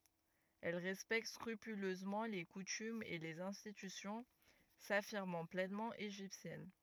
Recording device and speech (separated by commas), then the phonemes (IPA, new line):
rigid in-ear microphone, read sentence
ɛl ʁɛspɛkt skʁypyløzmɑ̃ le kutymz e lez ɛ̃stitysjɔ̃ safiʁmɑ̃ plɛnmɑ̃ eʒiptjɛn